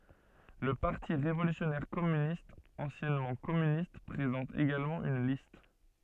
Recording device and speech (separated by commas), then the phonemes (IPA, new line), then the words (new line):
soft in-ear microphone, read sentence
lə paʁti ʁevolysjɔnɛʁ kɔmynistz ɑ̃sjɛnmɑ̃ kɔmynist pʁezɑ̃t eɡalmɑ̃ yn list
Le Parti révolutionnaire Communistes, anciennement Communistes, présente également une liste.